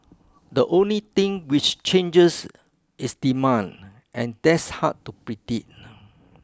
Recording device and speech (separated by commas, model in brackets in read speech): close-talking microphone (WH20), read sentence